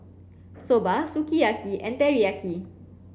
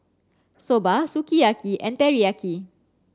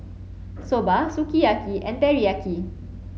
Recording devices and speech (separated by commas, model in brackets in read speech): boundary microphone (BM630), standing microphone (AKG C214), mobile phone (Samsung C7), read sentence